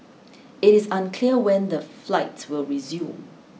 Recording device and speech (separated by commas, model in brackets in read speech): mobile phone (iPhone 6), read sentence